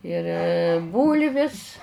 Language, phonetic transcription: Lithuanian, ir ˈbūlvis

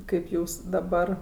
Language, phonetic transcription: Lithuanian, ˈkaip ˈjūs daˈbar

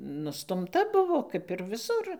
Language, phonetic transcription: Lithuanian, nustumˈta ˈbuvo ˈkap ir viˈsur

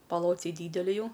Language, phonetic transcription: Lithuanian, paˈlociai ˈdydeli ˈjau

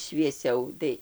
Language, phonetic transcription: Lithuanian, švieˈsiau ˈtai

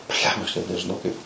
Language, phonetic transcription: Lithuanian, ˈblemba aš net nežiˈnau kaip

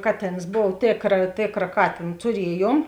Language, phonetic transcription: Lithuanian, ˈkaˌtėns ˈbov ˈtėkra ˈtėkra ˈkatėn tuˈrieˌjuom

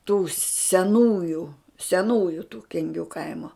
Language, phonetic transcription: Lithuanian, tų seˈnųju seˈnųju tų kenˈgių ˈkaimo

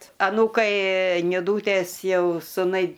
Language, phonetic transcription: Lithuanian, aˈnūkai niˈdūtės ˈjau suˈnai

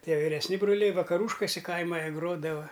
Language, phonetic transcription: Lithuanian, ˈtie viresˈni bruˈliai vakaˈrūškuse ˈkaima jie ˈgrodava

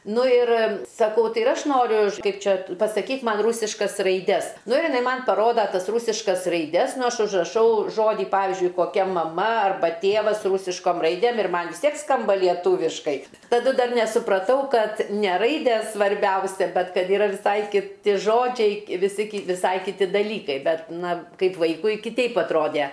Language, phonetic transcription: Lithuanian, ˈnu ir saˈkau ˈtai ir ˈaš ˈnoriu ˈkaip ˈčia pasaˈkyk ˈman ˈrūsiškas raiˈdes ˈnu ir jiˈnai ˈman' paˈroda ˈtas ˈrūsiškas raiˈdes ˈnu ˈaš užraˈšau ˈžodį ˈpavizdžiui koˈkia maˈma ˈarba ˈtėvas ˈrūsiškom ˈraidėm ir ˈman' vis ˈtiek ˈskamba lieˈtūviškai taˈdu ˈdar nesupraˈtau ˈkad ne ˈraidės svarˈbiausia ˈbet ˈkad ˈyra viˈsai kiˈti ˈžodžiai viˈsi viˈsai kiˈti daˈlykai ˈbet ˈna ˈkaip ˈvaikui kiˈteip atˈrode

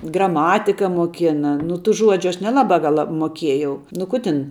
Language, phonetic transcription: Lithuanian, graˈmatika muoˈkina nu tų ˈžuodžiu ˈaš neˈlabā ˈgal la muoˈkiejau nu ˈku ˈtin

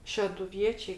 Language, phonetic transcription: Lithuanian, šeduˈviečiai

